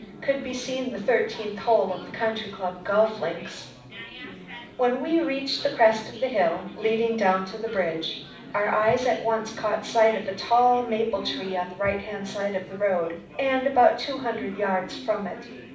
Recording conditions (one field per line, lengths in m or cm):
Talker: one person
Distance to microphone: 5.8 m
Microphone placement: far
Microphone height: 1.8 m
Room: medium-sized (5.7 m by 4.0 m)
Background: babble